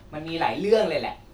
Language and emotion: Thai, angry